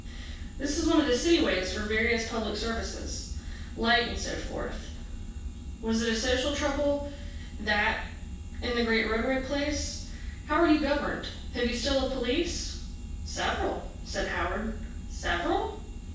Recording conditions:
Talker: one person; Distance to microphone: 9.8 m; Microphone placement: far; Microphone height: 1.8 m; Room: large; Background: none

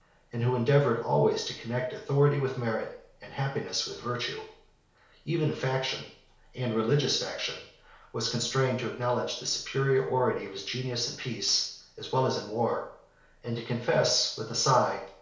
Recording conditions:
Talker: one person; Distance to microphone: 1.0 m; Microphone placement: close; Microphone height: 1.1 m; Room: small (3.7 m by 2.7 m); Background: none

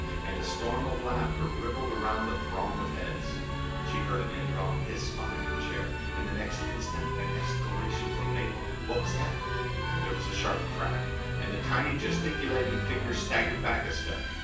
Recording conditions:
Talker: one person; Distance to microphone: 9.8 m; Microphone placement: far; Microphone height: 1.8 m; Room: large; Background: music

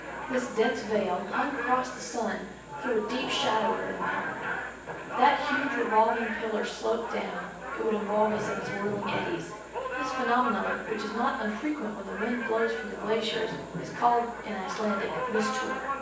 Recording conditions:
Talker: one person; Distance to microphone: 9.8 m; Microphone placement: far; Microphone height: 1.8 m; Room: large; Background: television

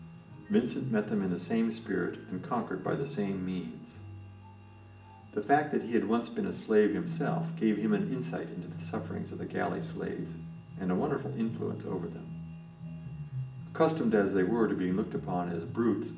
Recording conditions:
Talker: one person; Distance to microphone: 1.8 m; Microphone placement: close; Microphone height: 1.0 m; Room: large; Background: music

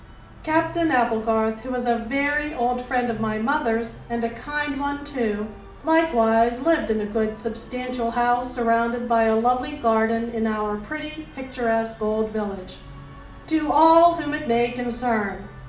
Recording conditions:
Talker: one person; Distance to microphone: 2.0 m; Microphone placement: close; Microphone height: 99 cm; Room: medium-sized (5.7 m by 4.0 m); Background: music

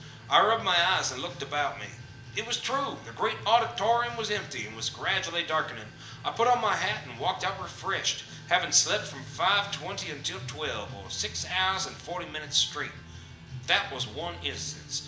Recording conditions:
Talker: one person; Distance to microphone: 1.8 m; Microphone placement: close; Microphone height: 1.0 m; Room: large; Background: music

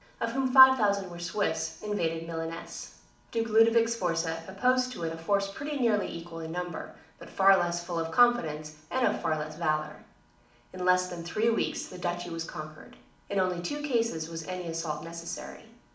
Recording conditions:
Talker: one person; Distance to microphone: 2.0 m; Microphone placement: close; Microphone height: 99 cm; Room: medium-sized (5.7 m by 4.0 m); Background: none

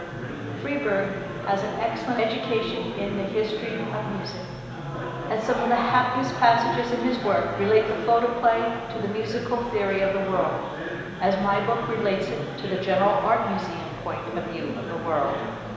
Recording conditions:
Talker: one person; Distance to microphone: 1.7 m; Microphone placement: close; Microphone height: 1.0 m; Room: very reverberant, large; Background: babble

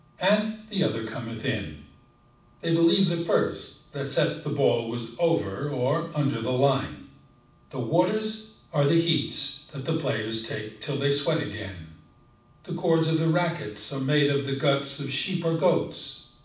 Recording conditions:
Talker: one person; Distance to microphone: 5.8 m; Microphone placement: far; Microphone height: 1.8 m; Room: medium-sized (5.7 m by 4.0 m); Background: none

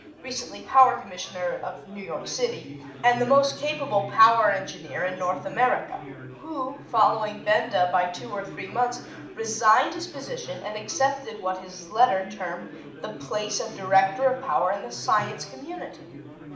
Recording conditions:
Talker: one person; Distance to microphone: 2.0 m; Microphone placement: close; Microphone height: 99 cm; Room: medium-sized (5.7 m by 4.0 m); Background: babble

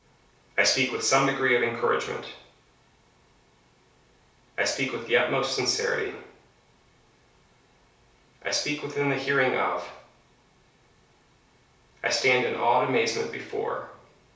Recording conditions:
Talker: one person; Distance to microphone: 3.0 m; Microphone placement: far; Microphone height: 1.8 m; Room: small (3.7 m by 2.7 m); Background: none

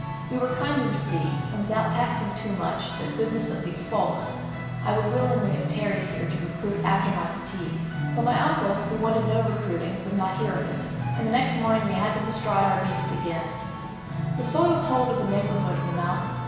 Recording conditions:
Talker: one person; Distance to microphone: 1.7 m; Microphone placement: close; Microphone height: 1.0 m; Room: very reverberant, large; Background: music

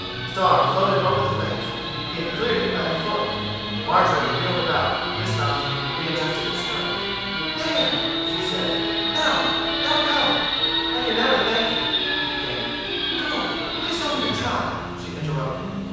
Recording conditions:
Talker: one person; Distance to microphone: 7.1 m; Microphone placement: far; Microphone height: 1.7 m; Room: very reverberant, large; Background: television

